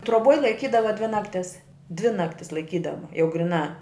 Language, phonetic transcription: Lithuanian, troˈboj laiˈkydava dvi nakˈtis dvi ˈnaktis laiˈkydava jau griˈnā

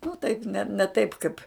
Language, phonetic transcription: Lithuanian, nu taip ne ne ˈtaip ˈkaip

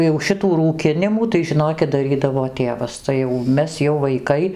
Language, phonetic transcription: Lithuanian, jau ˈšitų rūˈkinimų tai žiˈnokit daˈrydavo ˈtėvas tai jau ˈmes jau vaikai

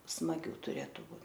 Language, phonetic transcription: Lithuanian, smaˈgių tuˈrėtu ˈbū

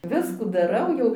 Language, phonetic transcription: Lithuanian, ˈviskų daˈrau jau

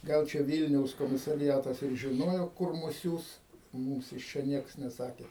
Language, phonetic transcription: Lithuanian, ˈgal čia ˈvylniaus komisariˈjatas ir žiˈnojo ˈkur ˈmus ˈsiųs ˈmūms iš ˈčia ˈnieks neˈsakė

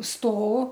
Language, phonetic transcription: Lithuanian, ˈsto

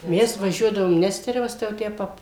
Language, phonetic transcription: Lithuanian, ˈmes vaˈžiuodavom ˈnesterevas tai jau ˈtę ˈpab

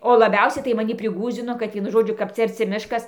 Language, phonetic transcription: Lithuanian, o laˈbiausiai tai maˈni priˈgųsdzino kad ˈvienu ˈžodžiu kap ˈcia arˈci ˈmiškas

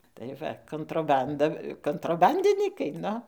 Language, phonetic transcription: Lithuanian, tai ˈva kontroˈbanda kontroˈbandinykai ˈnu

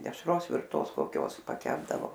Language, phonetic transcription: Lithuanian, dešˈros virˈtos koˈkios paˈkepdavo

